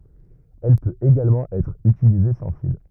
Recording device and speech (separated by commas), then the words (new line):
rigid in-ear microphone, read sentence
Elle peut également être utilisée sans fil.